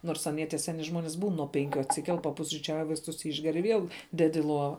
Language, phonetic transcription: Lithuanian, ˈnors aˈnie tie ˈseni ˈžmonis būn nuo ˈpenkiu atsiˈkel papusryˈčiauj vaisˈtus ˈišger i ˈviel ˈded i ˈlova

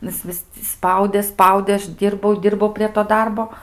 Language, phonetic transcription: Lithuanian, ˈnu ˈjis ˈvis ti ˈspaudė ˈspaudė ˈaš ˈdyrbau ˈdyrbau prie to ˈdarbo

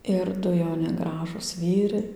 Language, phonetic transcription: Lithuanian, ir ˈdu jauˈni ˈgražūs ˈvyrai

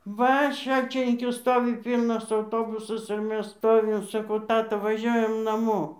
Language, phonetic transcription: Lithuanian, ˈva ˈšalčininkiu ˈstovi ˈpylnas auˈtobusas ir ˈmes ˈstovim saˈkau ˈtata vaˈžiuojam naˈmo

